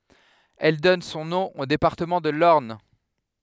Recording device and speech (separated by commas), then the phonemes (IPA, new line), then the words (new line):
headset microphone, read sentence
ɛl dɔn sɔ̃ nɔ̃ o depaʁtəmɑ̃ də lɔʁn
Elle donne son nom au département de l'Orne.